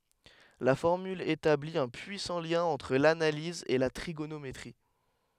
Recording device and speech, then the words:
headset microphone, read sentence
La formule établit un puissant lien entre l'analyse et la trigonométrie.

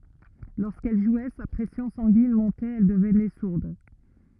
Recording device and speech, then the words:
rigid in-ear microphone, read sentence
Lorsqu'elle jouait, sa pression sanguine montait, elle devenait sourde.

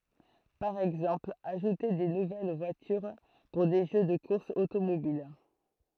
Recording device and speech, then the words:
throat microphone, read sentence
Par exemple, ajouter des nouvelles voitures pour des jeux de courses automobiles.

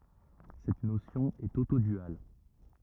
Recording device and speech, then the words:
rigid in-ear microphone, read sentence
Cette notion est autoduale.

